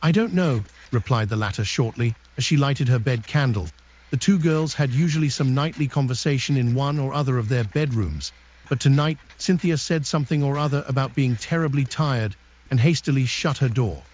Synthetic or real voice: synthetic